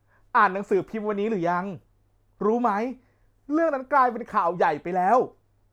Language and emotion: Thai, happy